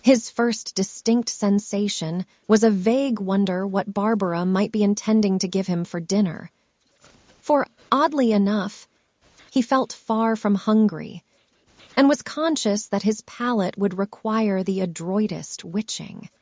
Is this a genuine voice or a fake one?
fake